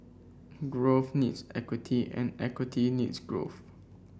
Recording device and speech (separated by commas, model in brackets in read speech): boundary microphone (BM630), read sentence